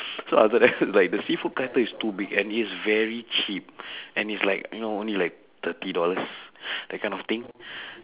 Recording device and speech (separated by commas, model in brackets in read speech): telephone, conversation in separate rooms